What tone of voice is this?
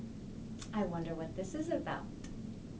neutral